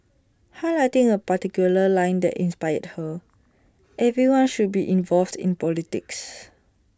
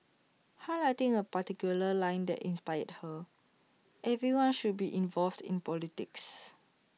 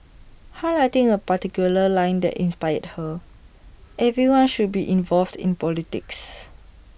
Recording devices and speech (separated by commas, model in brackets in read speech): standing microphone (AKG C214), mobile phone (iPhone 6), boundary microphone (BM630), read sentence